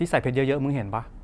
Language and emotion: Thai, neutral